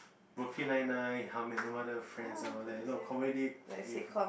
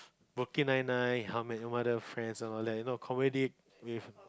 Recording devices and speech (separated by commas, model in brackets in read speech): boundary microphone, close-talking microphone, conversation in the same room